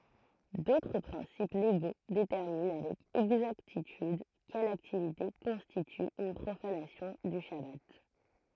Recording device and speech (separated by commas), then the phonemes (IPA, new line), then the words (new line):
throat microphone, read sentence
dotʁ pʁɛ̃sip leɡo detɛʁmin avɛk ɛɡzaktityd kɛl aktivite kɔ̃stity yn pʁofanasjɔ̃ dy ʃaba
D'autres principes légaux déterminent avec exactitude quelle activité constitue une profanation du chabbat.